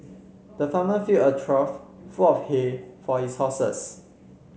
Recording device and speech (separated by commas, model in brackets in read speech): mobile phone (Samsung C7), read sentence